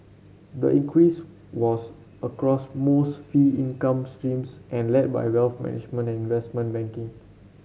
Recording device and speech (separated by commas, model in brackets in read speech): mobile phone (Samsung C7), read sentence